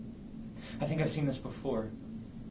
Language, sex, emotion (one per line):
English
male
neutral